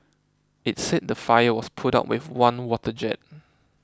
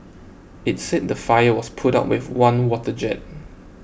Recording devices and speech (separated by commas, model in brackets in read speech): close-talking microphone (WH20), boundary microphone (BM630), read sentence